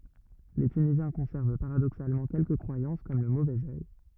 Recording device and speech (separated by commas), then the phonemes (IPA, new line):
rigid in-ear microphone, read sentence
le tynizjɛ̃ kɔ̃sɛʁv paʁadoksalmɑ̃ kɛlkə kʁwajɑ̃s kɔm lə movɛz œj